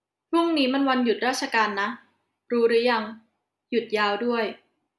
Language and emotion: Thai, frustrated